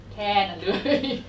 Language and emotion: Thai, happy